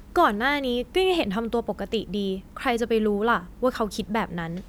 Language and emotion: Thai, frustrated